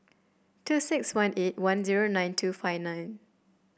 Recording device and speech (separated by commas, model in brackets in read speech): boundary microphone (BM630), read sentence